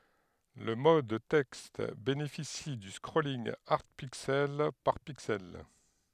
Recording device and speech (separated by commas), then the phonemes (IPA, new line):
headset microphone, read sentence
lə mɔd tɛkst benefisi dy skʁolinɡ aʁd piksɛl paʁ piksɛl